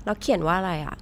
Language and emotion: Thai, neutral